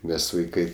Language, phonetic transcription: Lithuanian, ˈmes vaiˈkai

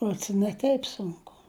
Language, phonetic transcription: Lithuanian, ˈruods i ne ˈteip sunˈku

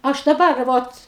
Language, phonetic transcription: Lithuanian, ˈaš daˈbar ˈvot

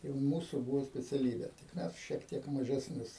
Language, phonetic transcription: Lithuanian, tai ˈmūsu ˈbūvo speciaˈlybė tik ˈmes šiek ˈtiek mažesˈnius

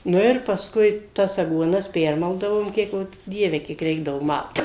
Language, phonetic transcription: Lithuanian, ˈnu ir pasˈkui tas aguoˈnas ˈpermaldavom ˈkiek jau ˈdieve kiek ˈreikdavu ˈmalt

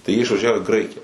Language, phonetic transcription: Lithuanian, tai jie išvaˈžiavo į ˈgraikija

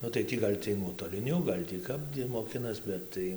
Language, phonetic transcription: Lithuanian, ˈnu tai ˈtį gal' ˈciej nuotoliˈniu ˈgal' tį ˈkap ˈiej moˈkinas ˈbet tai

